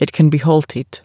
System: none